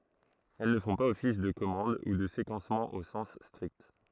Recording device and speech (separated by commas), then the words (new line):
throat microphone, read sentence
Elles ne font pas office de commande ou de séquencement au sens strict.